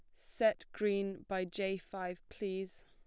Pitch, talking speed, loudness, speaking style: 195 Hz, 135 wpm, -38 LUFS, plain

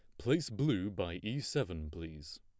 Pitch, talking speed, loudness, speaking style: 100 Hz, 165 wpm, -37 LUFS, plain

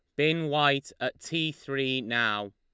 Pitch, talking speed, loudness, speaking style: 140 Hz, 155 wpm, -28 LUFS, Lombard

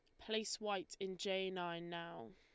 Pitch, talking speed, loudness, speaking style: 190 Hz, 170 wpm, -43 LUFS, Lombard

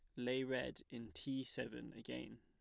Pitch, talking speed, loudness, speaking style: 125 Hz, 165 wpm, -45 LUFS, plain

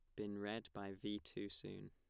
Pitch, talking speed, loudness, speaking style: 105 Hz, 210 wpm, -48 LUFS, plain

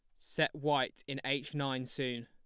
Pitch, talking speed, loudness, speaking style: 135 Hz, 175 wpm, -35 LUFS, plain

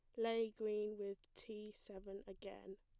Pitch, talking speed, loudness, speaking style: 210 Hz, 140 wpm, -46 LUFS, plain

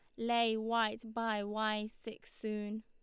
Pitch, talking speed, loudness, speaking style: 220 Hz, 135 wpm, -36 LUFS, Lombard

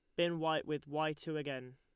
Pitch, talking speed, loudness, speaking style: 155 Hz, 230 wpm, -38 LUFS, Lombard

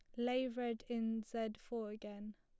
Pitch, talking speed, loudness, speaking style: 225 Hz, 165 wpm, -42 LUFS, plain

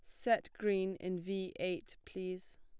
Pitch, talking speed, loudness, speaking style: 185 Hz, 150 wpm, -38 LUFS, plain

